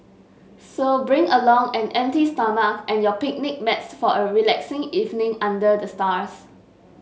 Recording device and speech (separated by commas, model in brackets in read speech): mobile phone (Samsung S8), read sentence